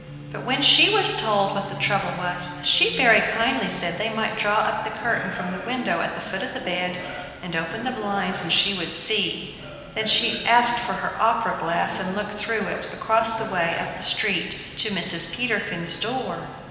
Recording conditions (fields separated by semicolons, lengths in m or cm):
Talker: one person; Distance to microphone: 1.7 m; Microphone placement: close; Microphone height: 1.0 m; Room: very reverberant, large; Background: television